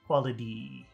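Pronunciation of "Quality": In 'quality', the t sounds like a d, and that d is long. The three syllables go long, short, long.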